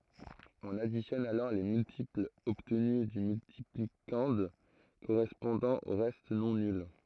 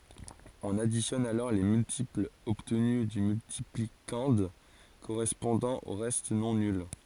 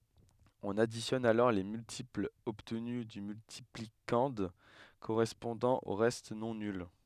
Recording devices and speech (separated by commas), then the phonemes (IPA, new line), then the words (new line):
throat microphone, forehead accelerometer, headset microphone, read sentence
ɔ̃n aditjɔn alɔʁ le myltiplz ɔbtny dy myltiplikɑ̃d koʁɛspɔ̃dɑ̃ o ʁɛst nɔ̃ nyl
On additionne alors les multiples obtenus du multiplicande correspondant aux restes non nuls.